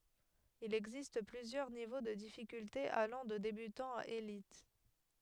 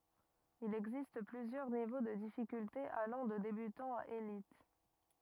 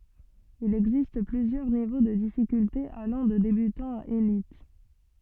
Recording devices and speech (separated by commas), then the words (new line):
headset microphone, rigid in-ear microphone, soft in-ear microphone, read sentence
Il existe plusieurs niveaux de difficultés allant de débutant à élite.